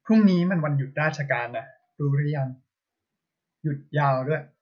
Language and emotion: Thai, neutral